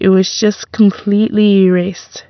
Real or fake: real